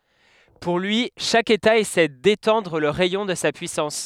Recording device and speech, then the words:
headset microphone, read sentence
Pour lui, chaque État essaie d’étendre le rayon de sa puissance.

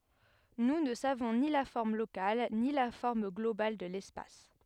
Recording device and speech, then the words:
headset microphone, read sentence
Nous ne savons ni la forme locale ni la forme globale de l'espace.

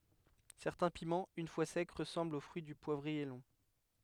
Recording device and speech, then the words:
headset microphone, read sentence
Certains piments, une fois secs, ressemblent au fruit du poivrier long.

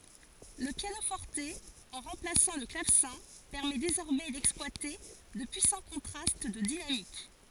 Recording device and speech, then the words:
forehead accelerometer, read sentence
Le piano-forte, en remplaçant le clavecin, permet désormais d'exploiter de puissants contrastes de dynamique.

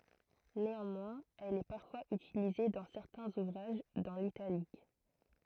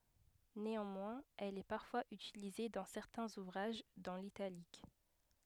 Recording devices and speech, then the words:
throat microphone, headset microphone, read sentence
Néanmoins, elle est parfois utilisée dans certains ouvrages, dans l’italique.

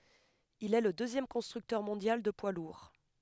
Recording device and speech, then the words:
headset microphone, read sentence
Il est le deuxième constructeur mondial de poids lourds.

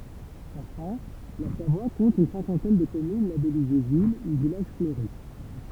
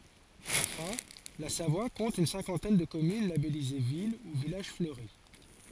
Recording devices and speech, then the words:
temple vibration pickup, forehead accelerometer, read sentence
Enfin, la Savoie compte une cinquantaine de communes labellisées ville ou village fleuri.

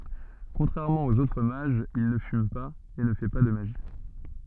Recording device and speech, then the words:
soft in-ear microphone, read sentence
Contrairement aux autres mages, il ne fume pas, et ne fait pas de magie.

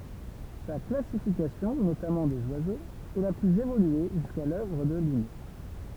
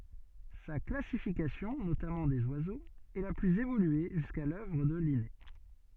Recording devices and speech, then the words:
temple vibration pickup, soft in-ear microphone, read sentence
Sa classification, notamment des oiseaux, est la plus évoluée jusqu'à l'œuvre de Linné.

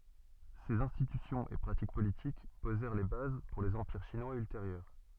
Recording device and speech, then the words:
soft in-ear microphone, read sentence
Ces institutions et pratiques politiques posèrent les bases pour les empires chinois ultérieurs.

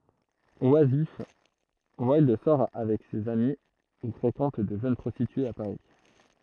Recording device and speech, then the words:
throat microphone, read sentence
Oisif, Wilde sort avec ses amis ou fréquente de jeunes prostitués à Paris.

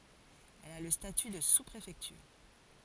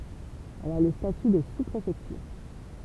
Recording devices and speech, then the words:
forehead accelerometer, temple vibration pickup, read sentence
Elle a le statut de sous-préfecture.

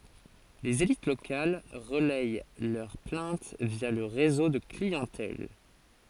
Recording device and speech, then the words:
forehead accelerometer, read sentence
Les élites locales relayent leurs plaintes via le réseau de clientèle.

